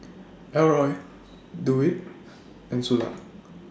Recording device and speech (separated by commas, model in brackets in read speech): standing microphone (AKG C214), read sentence